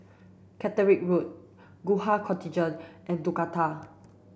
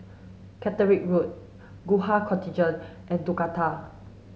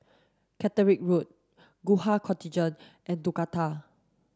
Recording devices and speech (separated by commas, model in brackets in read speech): boundary microphone (BM630), mobile phone (Samsung S8), standing microphone (AKG C214), read sentence